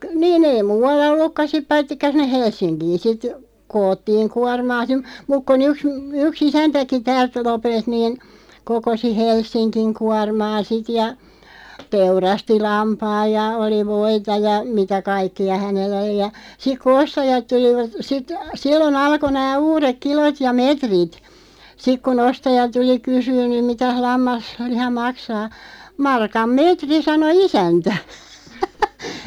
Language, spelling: Finnish, - niin ei muualla ollutkaan sitten paitsi sinne Helsinkiin sitten koottiin kuormaa - mutta kun yksi yksi isäntäkin täältä Lopelta niin kokosi Helsingin kuormaa sitten ja teurasti lampaan ja oli voita ja mitä kaikkia hänellä oli ja sitten kun ostajat tulivat sitten silloin alkoi nämä uudet kilot ja metrit sitten kun ostaja tuli kysymään nyt mitäs - lammasliha maksaa markan metri sanoi isäntä
- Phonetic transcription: ᵏ- 'niin ‿ei 'muu₍alla "ollukka 'sip 'paittikka sinneʰ "Hels̆siŋkiin sit , 'koottiiŋ 'kuarmaa (si) , 'muk kon ‿yks , 'yk"s ‿isäntäki 'täält 'Lopelt niin , 'kokosi 'Helssiŋkiŋ 'kuarmaa "sit ja , 'teurasti 'lampaaj ja oli 'voita ja "mitä 'kaikki₍a 'hänell ‿oli ja , 'sik ku "ostajat 'tulivat , sit , "sillo'n ‿alko nää "uurek 'kilot ja "metrit , 'sik ku'n ‿ostaja 'tuli "kysyyn (nym) » 'mitäh 'lammas- -liha "maksaa « , » 'markam "meetri « 'sano "isäntä .

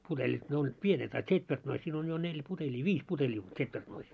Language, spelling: Finnish, putelit ne olivat pienet a tsetvertnoissa siinä on jo neljä putelia viisi putelia on tsetvertnoissa
- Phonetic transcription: 'putelit 'ne ollit 'pienet a 'tśetvertnois siin ‿on jo 'neĺ 'puteĺii , "viis puteĺii on 'ts̆etvertnois .

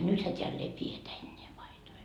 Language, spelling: Finnish, nythän täällä ei pidetä enää paitoja
- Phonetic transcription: 'nythä teäll ‿ei "pietä enneä 'paitoi .

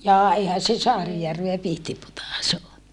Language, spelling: Finnish, jaa eihän se Saarijärveä Pihtipudas ole
- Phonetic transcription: jaa eihän̬ se Saarijärveä Pihtiputàs o .

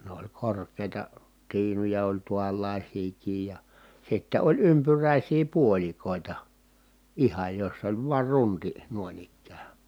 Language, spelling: Finnish, ne oli korkeita tiinuja oli tuollaisiakin ja ja sitten oli ympyräisiä puolikoita ihan jossa oli vain runti noin ikään
- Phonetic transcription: ne ‿oĺ kork̀èi̮ta , tiinuja oĺ tuallàisiikiij ja , ja sitte oĺ ympyrä̀isii puoĺikòita , ihaj joss ‿oĺ vuar runti , nuoⁱn ‿ikkää .

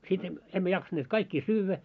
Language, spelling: Finnish, sitten - emme jaksaneet kaikkia syödä
- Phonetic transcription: sit em- , emmä 'jaksanneet "kaikkii 'syyvvä .

